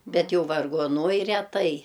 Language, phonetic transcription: Lithuanian, ˈbet ˈjau vargoˈnuoj reˈtai

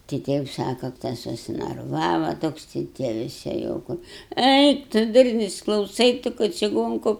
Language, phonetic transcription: Lithuanian, ti ˈtie jau ˈsaka tas susinarˈvava ˈtoks tai ˈtie viˈsi jau ˈkur ˈeik tu ˈdurnius klauˈsai ˈtu ka čiˈgonku

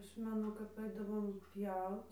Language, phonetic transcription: Lithuanian, ˈaš meˈnu kap ˈaidavom ˈpjaut

